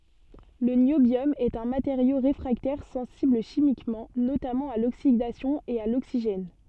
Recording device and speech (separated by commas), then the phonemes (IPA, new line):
soft in-ear microphone, read sentence
lə njobjɔm ɛt œ̃ mateʁjo ʁefʁaktɛʁ sɑ̃sibl ʃimikmɑ̃ notamɑ̃ a loksidasjɔ̃ e a loksiʒɛn